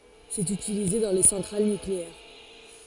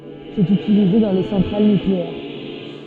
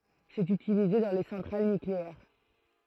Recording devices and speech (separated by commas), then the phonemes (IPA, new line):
forehead accelerometer, soft in-ear microphone, throat microphone, read sentence
sɛt ytilize dɑ̃ le sɑ̃tʁal nykleɛʁ